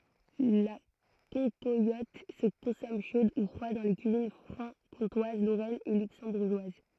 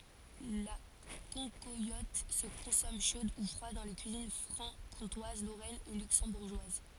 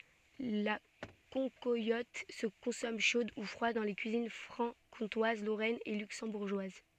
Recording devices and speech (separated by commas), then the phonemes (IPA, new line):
throat microphone, forehead accelerometer, soft in-ear microphone, read sentence
la kɑ̃kwalɔt sə kɔ̃sɔm ʃod u fʁwad dɑ̃ le kyizin fʁɑ̃kɔ̃twaz loʁɛn e lyksɑ̃buʁʒwaz